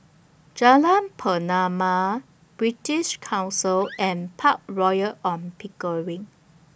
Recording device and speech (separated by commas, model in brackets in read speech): boundary microphone (BM630), read sentence